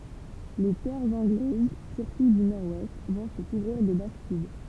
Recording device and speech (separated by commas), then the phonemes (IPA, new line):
temple vibration pickup, read sentence
le tɛʁz ɑ̃ɡlɛz syʁtu dy nɔʁ wɛst vɔ̃ sə kuvʁiʁ də bastid